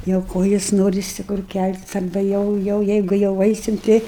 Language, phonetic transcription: Lithuanian, jau ˈkojis ˈnorisi kur ˈkæltis arˈba ˈjau ˈjau ˈjeigu jau ˈaisim ˈtei

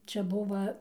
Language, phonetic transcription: Lithuanian, ˈčia ˈbuva

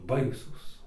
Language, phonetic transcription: Lithuanian, ˈbaisūs

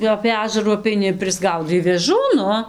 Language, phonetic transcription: Lithuanian, jau apė ˈažarų apeiˈni ir prisˈgaudai vėˈžų ˈnu

